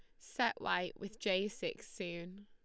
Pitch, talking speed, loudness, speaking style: 200 Hz, 160 wpm, -39 LUFS, Lombard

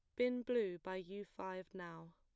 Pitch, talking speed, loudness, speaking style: 185 Hz, 185 wpm, -43 LUFS, plain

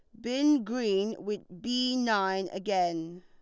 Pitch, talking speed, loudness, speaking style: 210 Hz, 120 wpm, -29 LUFS, Lombard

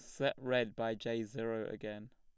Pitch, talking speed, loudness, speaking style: 115 Hz, 185 wpm, -38 LUFS, plain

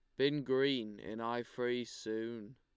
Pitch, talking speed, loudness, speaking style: 120 Hz, 150 wpm, -37 LUFS, Lombard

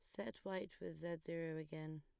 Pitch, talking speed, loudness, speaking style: 160 Hz, 200 wpm, -48 LUFS, plain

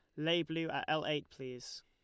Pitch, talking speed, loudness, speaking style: 155 Hz, 220 wpm, -37 LUFS, Lombard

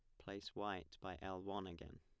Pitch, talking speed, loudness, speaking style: 95 Hz, 200 wpm, -49 LUFS, plain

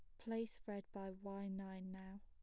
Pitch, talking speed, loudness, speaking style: 195 Hz, 175 wpm, -49 LUFS, plain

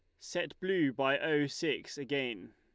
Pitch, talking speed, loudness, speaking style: 140 Hz, 155 wpm, -34 LUFS, Lombard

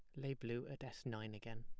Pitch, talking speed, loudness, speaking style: 120 Hz, 255 wpm, -48 LUFS, plain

